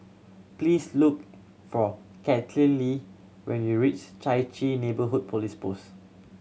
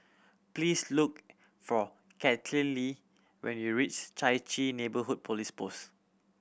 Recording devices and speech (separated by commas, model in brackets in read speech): mobile phone (Samsung C7100), boundary microphone (BM630), read sentence